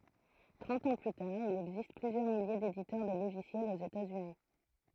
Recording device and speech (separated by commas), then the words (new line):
throat microphone, read sentence
Trente ans plus tard il existe plusieurs milliers d'éditeurs de logiciels aux États-Unis.